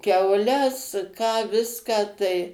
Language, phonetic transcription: Lithuanian, kiauˈles ką ˈviską tai

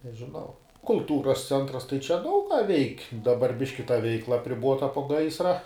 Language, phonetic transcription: Lithuanian, nežiˈnau kulˈtūras ˈcentras tai čia ˈdaug ką veik' daˈbar ˈbiški ta ˈveikla apriˈbota po ˈgaisra

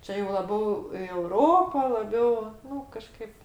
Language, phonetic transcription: Lithuanian, ˈčia jau laˈbiau i euˈropo laˈbiau ˈnu kaˈžkaip

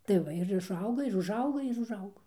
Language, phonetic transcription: Lithuanian, tai ˈva ir išˈauga ir užˈauga ir užˈaugo

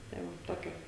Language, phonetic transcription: Lithuanian, ˈtai ˈmum ˈtokia

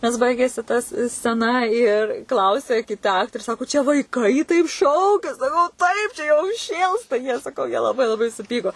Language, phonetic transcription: Lithuanian, nes ˈbaigėsi tas sceˈna ir ˈklausia kiˈta ˈaktorė ˈsako čia vaiˈkai taip ˈšaukia saˈkau ˈtaip čia jau ˈšėlsta jie saˈkau jie laˈbai laˈbai suˈpyko

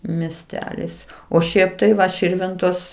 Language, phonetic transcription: Lithuanian, miesˈtelis o ˈšiaip tai ˈva ˈširvintos

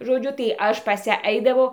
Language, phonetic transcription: Lithuanian, žoˈdžiu tai ˈaš pas ˈją ˈaidavau

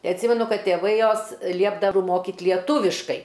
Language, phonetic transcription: Lithuanian, ˈtai atˈsymenu ˈkad tėˈvai ˈjos ˈliepdav ˈmokit lieˈtūviškai

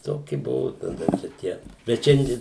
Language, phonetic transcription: Lithuanian, ˈtoki ˈbuvu taˈda čia ˈtie bet ˈšiandie

